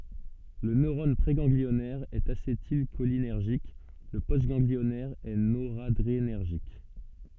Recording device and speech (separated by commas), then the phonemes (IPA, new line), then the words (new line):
soft in-ear microphone, read sentence
lə nøʁɔn pʁeɡɑ̃ɡliɔnɛʁ ɛt asetilʃolinɛʁʒik lə postɡɑ̃ɡliɔnɛʁ ɛ noʁadʁenɛʁʒik
Le neurone préganglionnaire est acétylcholinergique, le postganglionnaire est noradrénergique.